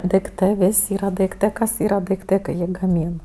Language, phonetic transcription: Lithuanian, daikˈtɜ ˈvis' ˈyra daikˈtɜ ˈkas yra daiˈktɜ kai ˈjį gaˈmyn

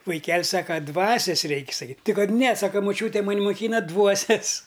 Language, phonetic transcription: Lithuanian, vaiˈkel' saka ˈdvasias ˈreik' saˈkyt' ˈti ˈkad ne ˈsaka maˈčiūtė maˈn' muˈkyna ˈdvuosias

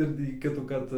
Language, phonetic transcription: Lithuanian, ir tį ˈkitųkart

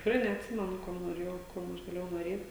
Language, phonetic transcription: Lithuanian, tikˈrai neatˈsimenu ˈkuom noˈrėjau ˈkuom aš gaˈlėjau noˈrėt'

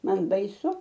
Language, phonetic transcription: Lithuanian, ˈman baiˈsu

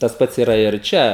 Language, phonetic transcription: Lithuanian, tas ˈpats yˈra ir ˈčia

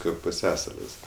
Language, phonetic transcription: Lithuanian, ˈkaip puˈsiasalis

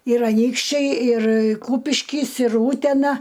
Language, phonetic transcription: Lithuanian, ir aˈnykščiai ir ˈkūpiškis ir ˈūtena

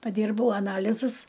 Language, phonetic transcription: Lithuanian, paˈdyrbau aˈnalizus

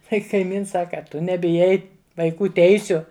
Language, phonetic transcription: Lithuanian, ˈkai kaiˈmins ˈsaka a ˈtu nebiˈjai vaiˈkų ˈteisiu

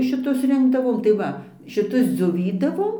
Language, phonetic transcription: Lithuanian, šiˈtus ˈrinkdavom tai ˈva šiˈtus dzioˈvydavom

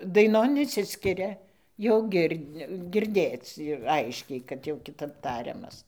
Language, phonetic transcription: Lithuanian, daiˈnon išˈsiskiria jau ˈgir' girˈdėc ˈaiškiai kad jau kiˈtap ˈtariamas

